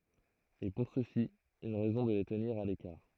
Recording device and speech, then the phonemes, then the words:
throat microphone, read sentence
e puʁ sø si yn ʁɛzɔ̃ də le təniʁ a lekaʁ
Et pour ceux-ci, une raison de les tenir à l'écart.

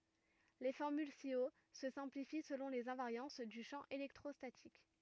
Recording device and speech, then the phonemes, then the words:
rigid in-ear microphone, read sentence
le fɔʁmyl si o sə sɛ̃plifi səlɔ̃ lez ɛ̃vaʁjɑ̃s dy ʃɑ̃ elɛktʁɔstatik
Les formules ci-haut se simplifient selon les invariances du champ électrostatique.

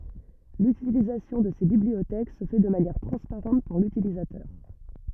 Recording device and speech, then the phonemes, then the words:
rigid in-ear microphone, read sentence
lytilizasjɔ̃ də se bibliotɛk sə fɛ də manjɛʁ tʁɑ̃spaʁɑ̃t puʁ lytilizatœʁ
L’utilisation de ces bibliothèques se fait de manière transparente pour l’utilisateur.

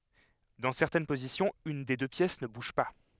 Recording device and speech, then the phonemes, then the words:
headset microphone, read sentence
dɑ̃ sɛʁtɛn pozisjɔ̃z yn de dø pjɛs nə buʒ pa
Dans certaines positions, une des deux pièces ne bouge pas.

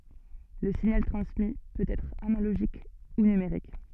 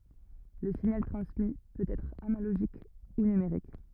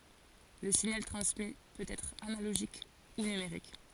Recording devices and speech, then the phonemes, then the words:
soft in-ear microphone, rigid in-ear microphone, forehead accelerometer, read sentence
lə siɲal tʁɑ̃smi pøt ɛtʁ analoʒik u nymeʁik
Le signal transmis peut être analogique ou numérique.

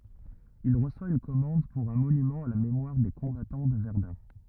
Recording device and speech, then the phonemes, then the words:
rigid in-ear microphone, read sentence
il ʁəswa yn kɔmɑ̃d puʁ œ̃ monymɑ̃ a la memwaʁ de kɔ̃batɑ̃ də vɛʁdœ̃
Il reçoit une commande pour un monument à la mémoire des combattants de Verdun.

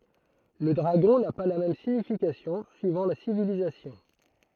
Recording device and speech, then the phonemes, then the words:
throat microphone, read sentence
lə dʁaɡɔ̃ na pa la mɛm siɲifikasjɔ̃ syivɑ̃ la sivilizasjɔ̃
Le dragon n'a pas la même signification suivant la civilisation.

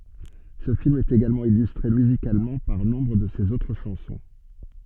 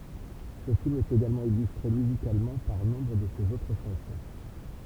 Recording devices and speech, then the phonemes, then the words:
soft in-ear microphone, temple vibration pickup, read sentence
sə film ɛt eɡalmɑ̃ ilystʁe myzikalmɑ̃ paʁ nɔ̃bʁ də sez otʁ ʃɑ̃sɔ̃
Ce film est également illustré musicalement par nombre de ses autres chansons.

